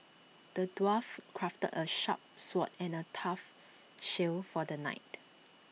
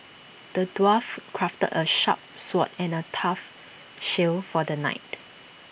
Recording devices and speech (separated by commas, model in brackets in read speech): mobile phone (iPhone 6), boundary microphone (BM630), read sentence